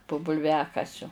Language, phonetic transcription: Lithuanian, po bulˈviakasiu

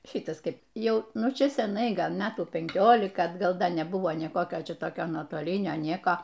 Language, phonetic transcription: Lithuanian, ˈšitas ˈkaip ˈjau nuˈčia seˈnai ˈgal ˈmetų penˈkiolika atˈgal ˈda neˈbuvo ˈnė ˈkokio ˈčia toˈkio nuotoˈlinio ˈnieko

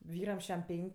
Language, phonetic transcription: Lithuanian, ˈvyram ˈšæm ˈpenk'

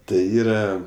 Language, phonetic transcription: Lithuanian, tai ˈyra

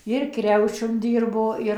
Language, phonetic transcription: Lithuanian, ir ˈkriaučium ˈdyrbo ˈir

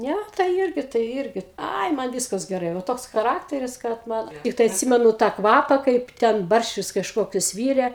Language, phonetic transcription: Lithuanian, ˈne tai ˈirgi tai ˈirgi ˈai man ˈvyskas geˈrai va ˈtoks chaˈrakteris kad ˈman ˈtiktai atˈsimenu tą ˈkvapa ˈkaip ten ˈbarščius kažˈkokius ˈvyre

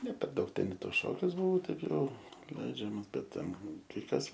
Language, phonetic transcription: Lithuanian, ne per ˈdaug ˈten i ˈtos ˈšokius buˈvau ˈtai ˈjau ˈleidžiamas ˈbet ˈten kai ˈkas

